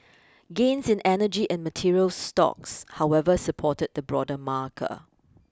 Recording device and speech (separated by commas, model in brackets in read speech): close-talking microphone (WH20), read sentence